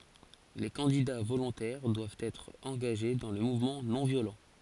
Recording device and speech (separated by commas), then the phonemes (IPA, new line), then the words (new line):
forehead accelerometer, read sentence
le kɑ̃dida volɔ̃tɛʁ dwavt ɛtʁ ɑ̃ɡaʒe dɑ̃ lə muvmɑ̃ nɔ̃ vjolɑ̃
Les candidats volontaires doivent être engagés dans le mouvement non-violent.